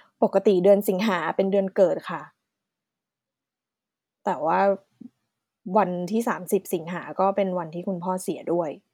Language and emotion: Thai, sad